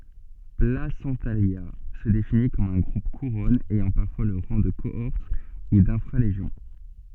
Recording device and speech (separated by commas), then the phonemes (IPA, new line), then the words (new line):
soft in-ear microphone, read sentence
plasɑ̃talja sə defini kɔm œ̃ ɡʁup kuʁɔn ɛjɑ̃ paʁfwa lə ʁɑ̃ də koɔʁt u dɛ̃fʁa leʒjɔ̃
Placentalia se définit comme un groupe-couronne ayant parfois le rang de cohorte ou d'infra-légion.